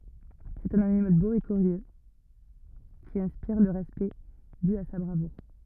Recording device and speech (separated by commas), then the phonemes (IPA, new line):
rigid in-ear microphone, read sentence
sɛt œ̃n animal bo e kyʁjø ki ɛ̃spiʁ lə ʁɛspɛkt dy a sa bʁavuʁ